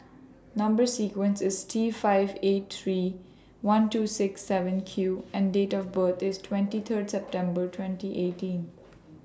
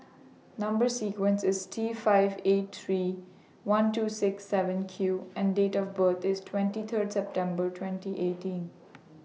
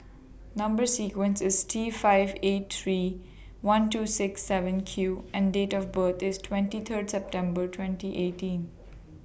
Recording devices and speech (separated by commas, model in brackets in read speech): standing microphone (AKG C214), mobile phone (iPhone 6), boundary microphone (BM630), read sentence